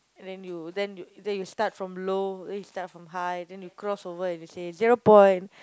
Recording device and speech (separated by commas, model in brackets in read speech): close-talking microphone, conversation in the same room